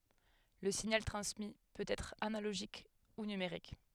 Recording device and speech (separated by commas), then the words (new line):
headset microphone, read sentence
Le signal transmis peut être analogique ou numérique.